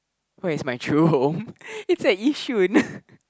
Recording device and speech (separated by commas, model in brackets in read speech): close-talking microphone, conversation in the same room